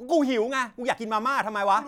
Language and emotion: Thai, angry